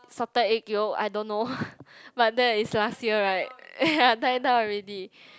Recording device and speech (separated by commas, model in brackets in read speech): close-talking microphone, conversation in the same room